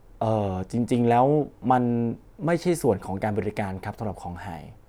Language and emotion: Thai, neutral